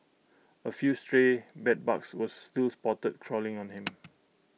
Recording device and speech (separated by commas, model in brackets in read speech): mobile phone (iPhone 6), read sentence